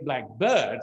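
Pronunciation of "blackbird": In 'blackbird', the stress is on the second part, 'bird', so it means any bird that is black.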